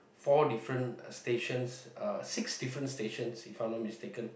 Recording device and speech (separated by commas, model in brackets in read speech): boundary microphone, conversation in the same room